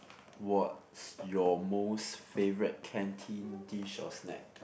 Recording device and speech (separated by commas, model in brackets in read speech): boundary microphone, conversation in the same room